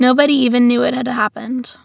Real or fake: real